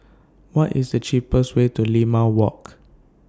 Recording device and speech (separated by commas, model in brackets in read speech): standing microphone (AKG C214), read sentence